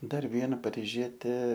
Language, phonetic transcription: Lithuanian, ˈdar ˈviena pariˈžietė

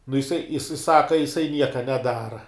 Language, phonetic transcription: Lithuanian, nu jiˈsai jiˈsai ˈsaka jiˈsai ˈnieka neˈdara

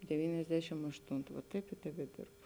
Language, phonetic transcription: Lithuanian, deˈvyniasdešim ašˈtuntu va ˈtaip ir tebeˈdirbu

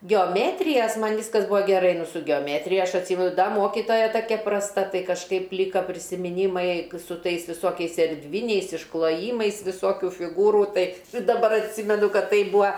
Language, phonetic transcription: Lithuanian, geoˈmėtrijas ˈman' ˈviskas ˈbūa geˈrai ˈnu su geoˈmetrija ˈaš atˈsymenu ˈda ˈmokitoja ˈtakia prasˈta ˈtai kažˈkaip ˈlyka prisimiˈnymai su ˈtais viˈsokiais erˈdviniais iškloˈjymais viˈsokiu fiˈgūrų ˈtai daˈbar atˈsymenu ˈkad ˈtai ˈbūa

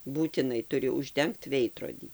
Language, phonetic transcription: Lithuanian, būtiˈnai tuˈri užˈdengt ˈveidrodį

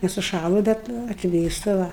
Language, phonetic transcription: Lithuanian, nesuˈšąlu ˈbet atˈvėsta ˈva

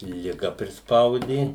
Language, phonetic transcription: Lithuanian, liˈga prisˈpaudė

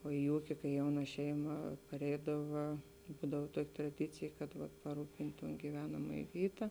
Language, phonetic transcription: Lithuanian, o i ˈūki kai ˈjauna ˈšeima paˈreidava ˈbūdav ˈtuoki traˈdicėj kad paˈrūpint' ton gyˈvenamajė ˈvyta

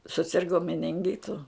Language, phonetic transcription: Lithuanian, suˈsirgo meninˈgitu

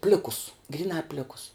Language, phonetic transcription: Lithuanian, ˈplikus gryˈnā ˈplikus

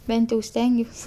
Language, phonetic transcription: Lithuanian, ˈbent jau ˈstengiuos

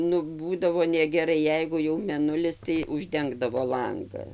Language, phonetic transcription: Lithuanian, nu ˈbūdavo negeˈrai ˈjeigu jau meˈnulis tai užˈdengdavo ˈlanga

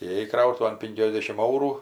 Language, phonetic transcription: Lithuanian, įėˈjai ˈkrautuvan ˈpinkiasdešim ˈaurų

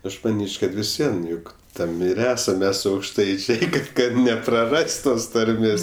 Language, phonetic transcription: Lithuanian, ˈaš maˈnyč' kad vis ˈvien ˈjuk ˈtam ir ˈesam ˈmes aukšˈtaičiai kad kad nepraˈras't' ˈtos tarˈmės

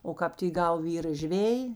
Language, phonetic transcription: Lithuanian, o ˈkāp ti ˈgau ˈvyra ˈžvėji

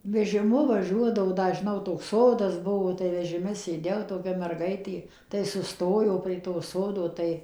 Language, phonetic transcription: Lithuanian, vežiˈmu vaˈžiuodavo ˈda žiˈnau toks ˈsodas ˈbuvo tai vežiˈme sėˈdėjau toˈkia merˈgaitė tai suˈstojo prie to ˈsodo ˈtai

